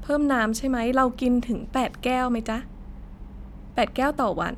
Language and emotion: Thai, neutral